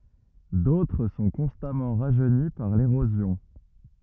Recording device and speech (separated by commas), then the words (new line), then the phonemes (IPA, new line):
rigid in-ear microphone, read sentence
D'autres sont constamment rajeunis par l'érosion.
dotʁ sɔ̃ kɔ̃stamɑ̃ ʁaʒøni paʁ leʁozjɔ̃